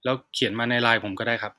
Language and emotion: Thai, neutral